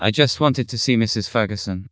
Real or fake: fake